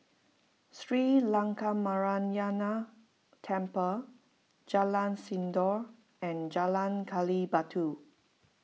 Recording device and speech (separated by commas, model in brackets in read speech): mobile phone (iPhone 6), read sentence